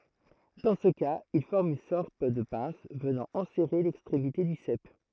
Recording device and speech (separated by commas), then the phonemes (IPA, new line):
throat microphone, read sentence
dɑ̃ sə kaz il fɔʁm yn sɔʁt də pɛ̃s vənɑ̃ ɑ̃sɛʁe lɛkstʁemite dy sɛp